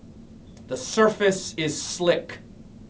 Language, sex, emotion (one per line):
English
male
disgusted